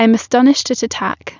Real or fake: real